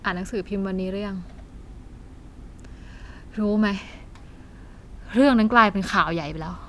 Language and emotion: Thai, frustrated